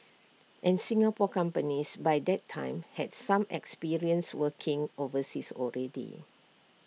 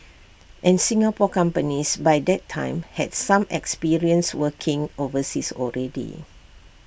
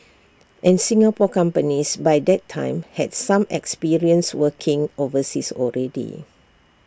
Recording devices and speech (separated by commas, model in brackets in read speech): mobile phone (iPhone 6), boundary microphone (BM630), standing microphone (AKG C214), read sentence